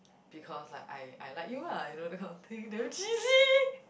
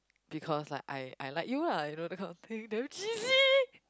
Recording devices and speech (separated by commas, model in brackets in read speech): boundary microphone, close-talking microphone, conversation in the same room